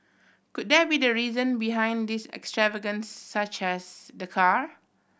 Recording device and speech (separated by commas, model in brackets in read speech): boundary microphone (BM630), read sentence